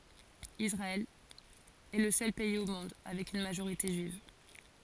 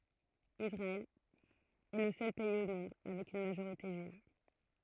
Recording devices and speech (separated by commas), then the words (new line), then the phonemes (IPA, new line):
forehead accelerometer, throat microphone, read sentence
Israël est le seul pays au monde avec une majorité juive.
isʁaɛl ɛ lə sœl pɛiz o mɔ̃d avɛk yn maʒoʁite ʒyiv